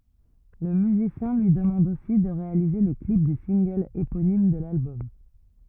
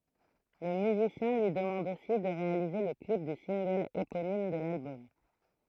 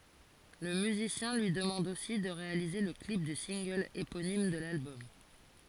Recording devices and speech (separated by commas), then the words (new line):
rigid in-ear microphone, throat microphone, forehead accelerometer, read sentence
Le musicien lui demande aussi de réaliser le clip du single éponyme de l'album.